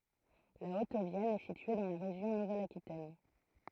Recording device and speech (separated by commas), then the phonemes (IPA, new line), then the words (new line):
throat microphone, read sentence
la ot vjɛn ɛ sitye dɑ̃ la ʁeʒjɔ̃ nuvɛl akitɛn
La Haute-Vienne est située dans la région Nouvelle-Aquitaine.